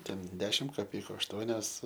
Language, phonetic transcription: Lithuanian, ˈten ˈdešim kaˈpeiku ašˈtuonios

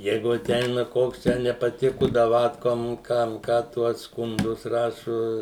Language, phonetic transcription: Lithuanian, ˈjeigu aˈteina ˈkoks ˈtę nepaˈtiku daˈvatkom ˈkam ˈką ˈtuo skunˈdus ˈrašu

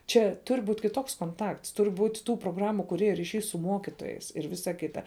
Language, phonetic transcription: Lithuanian, ˈčia ˈtur' ˈbūt' kiˈtoks konˈtakts ˈtur' ˈbūt' ˈtų proˈgramu kuˈrėju ryˈšiai su ˈmokitojais ir ˈvisa ˈkita

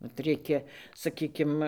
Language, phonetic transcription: Lithuanian, vat ˈreikia saˈkykim

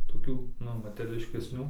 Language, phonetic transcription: Lithuanian, toˈkių ˈnu materiališkesˈnių

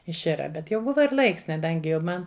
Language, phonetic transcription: Lithuanian, išˈira ˈbet jau ˈbuva ir ˈlaiks kaˈdangi jau ˈman

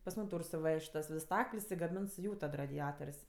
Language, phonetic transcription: Lithuanian, pas ˈmūm ˈtūr suˈvež't' tas ˈvis ˈstakl's' i gaˈmins ˈjų tad radiˈator's'

